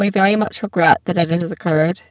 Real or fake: fake